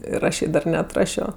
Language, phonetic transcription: Lithuanian, ir ˈaš jai ˈdar neatˈrašio

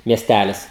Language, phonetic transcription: Lithuanian, mieˈstælis

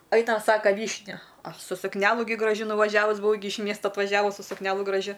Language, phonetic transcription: Lithuanian, ˈainam ˈsaka ˈvyšniu ˈaš su sukˈnelu gi graˈžiu nuvaˈžiavus buˈvau gi iš ˈmiesta atvaˈžiavus su sukˈnelu graˈžiu

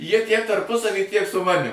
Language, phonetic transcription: Lithuanian, ˈjie tiek tarˈpusavy tiek su ˈmanim

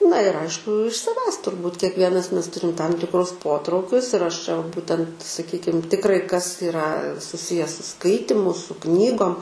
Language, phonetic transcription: Lithuanian, na ir ˈaišku iš saˈvęs turˈbūt kiekˈvienas ˈmes ˈturim tam tikˈrus ˈpotraukius ir aš čia va ˈbūtent saˈkykim tikˈrai kas iˈra suˈsije su ˈskaitimu su ˈknygom

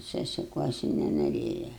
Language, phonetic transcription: Lithuanian, sesiˈkuosi nenoˈrėja

